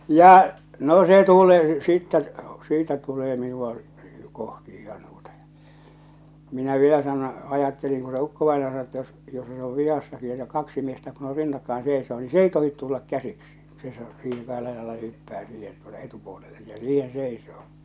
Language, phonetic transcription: Finnish, 'ja , no se 'tule̳ , 'sittɛ , 'siitä 'tulee 'minua , 'kohti ihan tuota ᴊᴀ , minä vielä sano , 'ajatteliŋ ku se 'ukkovainaja sano että jos , jos se ov 'vihassaki että 'kaksi 'miestä kun ‿on "rinnakkaen 'sèḙsoo ni "s ‿ei 'tohit 'tullak 'käsiksi , se (seisoo) siiheŋ kahella jalalla se hyppää siihen tuota "etupuolelle ja "siihen̬ 'seisoo .
- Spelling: ja no se tulee sitten siitä tulee minua kohti ihan tuota ja minä vielä sanoin ajattelin kun se ukkovainaja sanoi että jos jos se on vihassakin että kaksi miestä kun on rinnakkain seisoo niin se ei tohdi tulla käsiksi se seisoo siihen kahdella jalalla se hyppää siihen tuota etupuolelle ja siihen seisoo

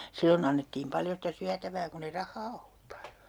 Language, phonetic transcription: Finnish, 'sillon ‿annettiim 'paljo sitä 'syätävää kun ‿e "rahhaa ollup (paljo) .
- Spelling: silloin annettiin paljon sitä syötävää kun ei rahaa ollut paljon

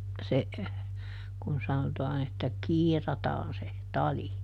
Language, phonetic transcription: Finnish, se , kun ˈsanotaan ‿että "kiirataan se , ˈtali .
- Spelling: se kun sanotaan että kiirataan se tali

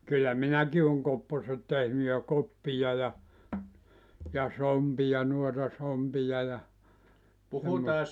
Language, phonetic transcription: Finnish, kyllä 'minäki oŋ 'kopposet tehny ja 'koppija ja , ja 'sompija 'nuota 'sompija ja , (semmosta)
- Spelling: kyllä minäkin olen kopposet tehnyt ja koppia ja ja sompia noita sompia ja semmoista

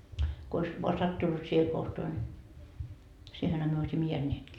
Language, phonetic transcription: Finnish, ko ois , voa "sattunnut siihe 'kohtoa ńi , 'siihenhä myö oisimma 'jeänneetkii .
- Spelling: kun olisi vain sattunut siihen kohtaan niin siihenhän me olisimme jääneetkin

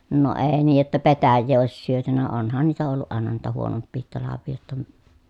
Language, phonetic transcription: Finnish, no èi niij jotta petäjjee òis syötynä onhan niitä olluʼ ʼàena niitä huonoppiihit talavvii jotta ə ,.
- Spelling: no ei niin jotta petäjää olisi syöty onhan niitä ollut aina niitä huonompiakin talvia jotta -

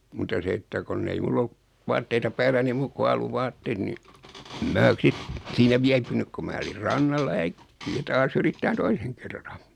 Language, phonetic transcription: Finnish, muta 'se että 'konn ‿ei 'mull ‿o(luk) , 'vaatteita 'päälläni "muuk ku 'alu'vaatteet ni , ᵉm 'mää 'sit , siinä 'viäpynyk ku 'mää olir 'rannalla ja "äkki₍ä 'taas ‿yrittään "toiseŋ kerran .
- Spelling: mutta se että kun ei minulla ollut vaatteita päälläni muuta kuin alusvaatteet niin en minä sitten siinä viipynyt kun minä olin rannalla ja äkkiä taas yrittämään toisen kerran

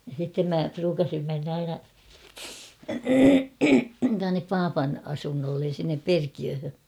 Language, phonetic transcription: Finnish, ja sittem 'mä 'pruukasim menn ‿aina , tuannep "paapan 'asunnollen̬ sinnep "Perkiöhö .
- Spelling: ja sitten minä pruukasin mennä aina tuonne papan asunnolle sinne Perkiöön

